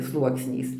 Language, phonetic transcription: Lithuanian, ˈsluoksniais

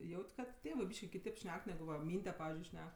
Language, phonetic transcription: Lithuanian, ˈjaut' ˈkad ˈtėvɜ ˈbyški kiˈtėp ˈšnek ˈnegu va ˈmynde ˈpavizdžiui ˈšnek

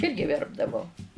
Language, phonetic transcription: Lithuanian, ˈirgi ˈverpdavau

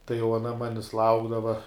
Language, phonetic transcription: Lithuanian, tai jau aˈna ˈmanis ˈlaukdava

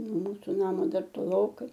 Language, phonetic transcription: Lithuanian, no ˈmūsu ˈnamo ˈdar toˈlokai

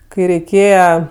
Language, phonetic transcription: Lithuanian, kai reiˈkėje

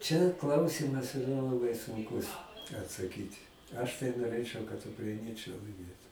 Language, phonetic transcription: Lithuanian, čia ˈklausymas iˈra laˈbai sunˈkus atsaˈkyti ˈaš tai noˈrėčɨau kad ukraiˈniečɨai laiˈmėtu

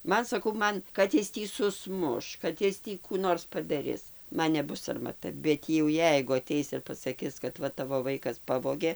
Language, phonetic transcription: Lithuanian, ˈman saˈkau ˈman ˈkad is ˈtį suˈsmuš ˈkad is ˈtį ˈkų ˈnors padaˈris ˈman neˈbus sarmaˈta bet jau ˈjeigu aˈteis ir pasaˈkis kad ˈva ˈtavo ˈvaikas ˈpavogė

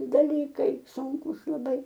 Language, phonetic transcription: Lithuanian, daˈlykai ˈsūnkūs laˈbai

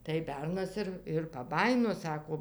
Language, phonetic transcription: Lithuanian, tai ˈbernas ir ir paˈbajino ˈsako

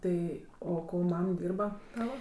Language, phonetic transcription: Lithuanian, ˈtai ˈo ˈko ˈmam ˈdyrba ˈtava

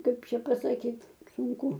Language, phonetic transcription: Lithuanian, ˈkaip ˈčia pasaˈkyt sunˈku

